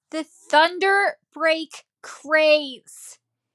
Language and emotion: English, angry